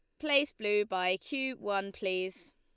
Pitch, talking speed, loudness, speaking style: 205 Hz, 155 wpm, -32 LUFS, Lombard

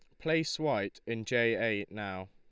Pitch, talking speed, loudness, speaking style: 115 Hz, 170 wpm, -32 LUFS, Lombard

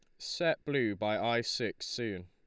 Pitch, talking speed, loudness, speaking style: 105 Hz, 175 wpm, -33 LUFS, Lombard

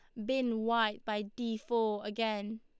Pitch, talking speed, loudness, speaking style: 220 Hz, 155 wpm, -34 LUFS, Lombard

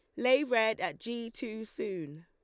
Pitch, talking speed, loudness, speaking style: 225 Hz, 175 wpm, -32 LUFS, Lombard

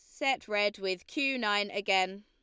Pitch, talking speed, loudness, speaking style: 205 Hz, 180 wpm, -30 LUFS, Lombard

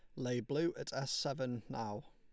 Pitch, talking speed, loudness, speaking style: 135 Hz, 190 wpm, -39 LUFS, Lombard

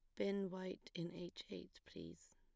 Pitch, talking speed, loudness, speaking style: 175 Hz, 165 wpm, -48 LUFS, plain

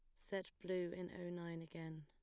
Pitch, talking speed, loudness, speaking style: 175 Hz, 200 wpm, -47 LUFS, plain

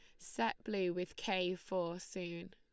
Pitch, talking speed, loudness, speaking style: 185 Hz, 155 wpm, -40 LUFS, Lombard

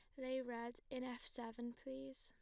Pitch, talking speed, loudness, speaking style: 255 Hz, 180 wpm, -48 LUFS, plain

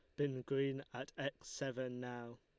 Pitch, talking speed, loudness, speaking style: 135 Hz, 165 wpm, -43 LUFS, Lombard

